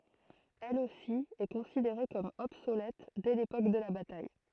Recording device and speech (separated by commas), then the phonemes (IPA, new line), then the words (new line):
throat microphone, read sentence
ɛl osi ɛ kɔ̃sideʁe kɔm ɔbsolɛt dɛ lepok də la bataj
Elle aussi est considérée comme obsolète dès l'époque de la bataille.